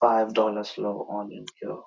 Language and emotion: English, sad